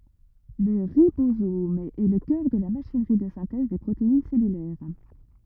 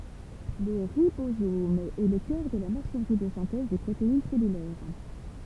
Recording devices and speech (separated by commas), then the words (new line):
rigid in-ear microphone, temple vibration pickup, read sentence
Le ribosome est le cœur de la machinerie de synthèse des protéines cellulaires.